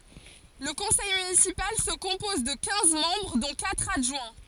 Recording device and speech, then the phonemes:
forehead accelerometer, read sentence
lə kɔ̃sɛj mynisipal sə kɔ̃pɔz də kɛ̃z mɑ̃bʁ dɔ̃ katʁ adʒwɛ̃

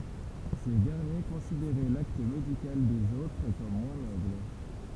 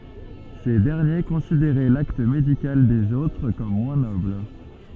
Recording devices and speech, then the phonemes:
temple vibration pickup, soft in-ear microphone, read sentence
se dɛʁnje kɔ̃sideʁɛ lakt medikal dez otʁ kɔm mwɛ̃ nɔbl

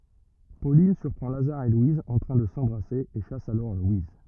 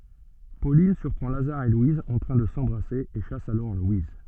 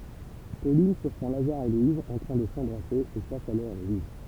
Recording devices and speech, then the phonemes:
rigid in-ear microphone, soft in-ear microphone, temple vibration pickup, read sentence
polin syʁpʁɑ̃ lazaʁ e lwiz ɑ̃ tʁɛ̃ də sɑ̃bʁase e ʃas alɔʁ lwiz

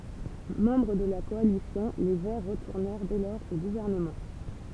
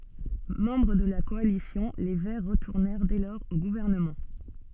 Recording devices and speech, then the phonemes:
temple vibration pickup, soft in-ear microphone, read sentence
mɑ̃bʁ də la kɔalisjɔ̃ le vɛʁ ʁətuʁnɛʁ dɛ lɔʁz o ɡuvɛʁnəmɑ̃

